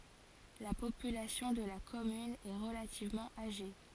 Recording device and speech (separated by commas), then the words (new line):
forehead accelerometer, read sentence
La population de la commune est relativement âgée.